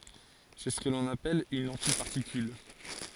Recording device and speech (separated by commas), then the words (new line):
forehead accelerometer, read sentence
C'est ce qu'on appelle une antiparticule.